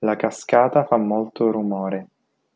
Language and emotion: Italian, neutral